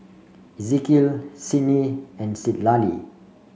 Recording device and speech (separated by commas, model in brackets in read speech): mobile phone (Samsung C5), read sentence